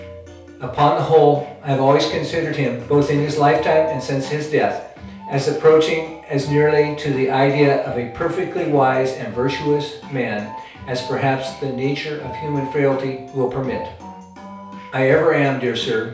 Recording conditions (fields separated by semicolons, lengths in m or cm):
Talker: one person; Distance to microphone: 3.0 m; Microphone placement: far; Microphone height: 1.8 m; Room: small (3.7 m by 2.7 m); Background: music